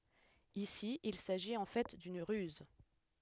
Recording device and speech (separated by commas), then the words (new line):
headset microphone, read sentence
Ici, il s'agit en fait d'une ruse.